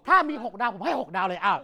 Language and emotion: Thai, frustrated